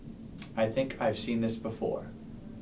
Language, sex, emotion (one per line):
English
male
neutral